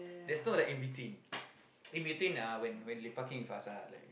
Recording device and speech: boundary microphone, conversation in the same room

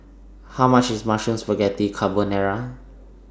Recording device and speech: standing microphone (AKG C214), read sentence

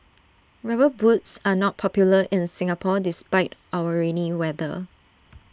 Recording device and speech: standing microphone (AKG C214), read sentence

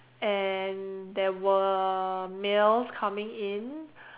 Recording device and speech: telephone, conversation in separate rooms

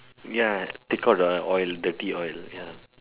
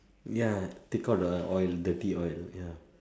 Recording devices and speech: telephone, standing microphone, conversation in separate rooms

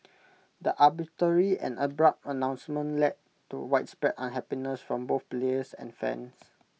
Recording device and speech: mobile phone (iPhone 6), read sentence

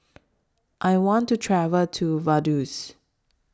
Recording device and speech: standing microphone (AKG C214), read sentence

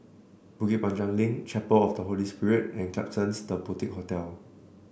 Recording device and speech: boundary microphone (BM630), read sentence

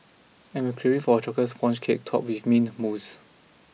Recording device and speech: mobile phone (iPhone 6), read sentence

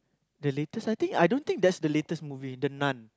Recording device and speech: close-talking microphone, conversation in the same room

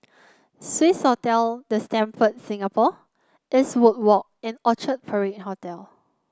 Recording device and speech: close-talking microphone (WH30), read sentence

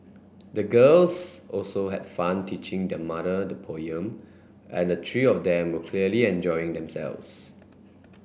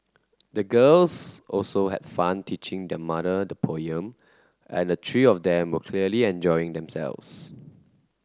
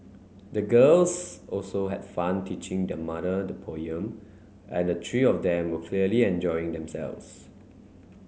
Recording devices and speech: boundary microphone (BM630), close-talking microphone (WH30), mobile phone (Samsung C9), read sentence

